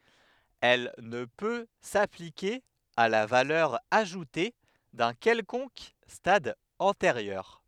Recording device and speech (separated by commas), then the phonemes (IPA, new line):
headset microphone, read sentence
ɛl nə pø saplike a la valœʁ aʒute dœ̃ kɛlkɔ̃k stad ɑ̃teʁjœʁ